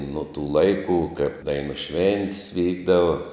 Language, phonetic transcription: Lithuanian, nuo tų ˈlaikų kaip ˈdainų ˈšventis ˈvykdava

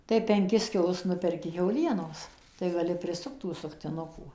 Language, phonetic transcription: Lithuanian, tai penˈkis kiˈlus ˈnuperki kiauˈlienos tai gaˈli priˈsukt tų suktiˈnukų

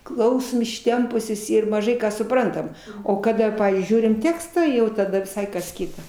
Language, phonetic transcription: Lithuanian, ˈklausom išˈtempusios ir maˈžai ˈką suˈprantam o kaˈda ˈpavyzdžiui ˈžiūrim ˈtekstą jau taˈda viˈsai kas ˈkita

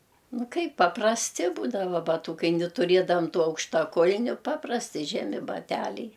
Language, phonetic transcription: Lithuanian, ˈnu ˈkaip paprasˈti ˈbūdava baˈtūkai ni tuˈrėdavam ˈtų aukštaˈkul'niu ˈpaprasti ˈžemi baˈtæliai

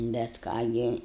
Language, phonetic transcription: Lithuanian, bet ˈką gi

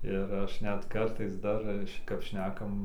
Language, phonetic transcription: Lithuanian, ir ˈaš ˈnet ˈkartais ˈdar ˈčia kap ˈšnekam

